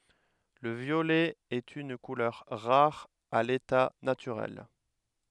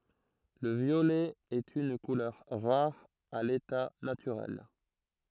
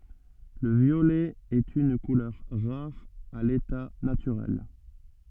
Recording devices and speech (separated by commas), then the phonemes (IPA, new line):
headset microphone, throat microphone, soft in-ear microphone, read sentence
lə vjolɛ ɛt yn kulœʁ ʁaʁ a leta natyʁɛl